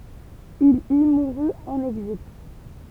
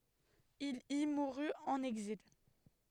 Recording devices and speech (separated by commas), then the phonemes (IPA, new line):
temple vibration pickup, headset microphone, read sentence
il i muʁy ɑ̃n ɛɡzil